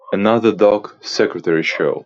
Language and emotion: English, happy